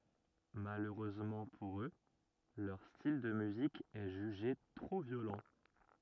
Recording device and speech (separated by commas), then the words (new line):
rigid in-ear microphone, read sentence
Malheureusement pour eux, leur style de musique est jugé trop violent.